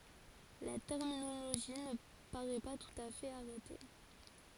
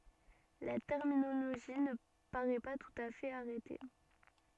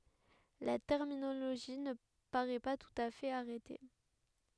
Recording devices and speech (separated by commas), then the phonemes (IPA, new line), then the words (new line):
forehead accelerometer, soft in-ear microphone, headset microphone, read sentence
la tɛʁminoloʒi nə paʁɛ pa tut a fɛt aʁɛte
La terminologie ne paraît pas tout à fait arrêtée.